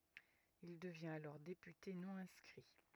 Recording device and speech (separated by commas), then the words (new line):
rigid in-ear microphone, read sentence
Il devient alors député non-inscrit.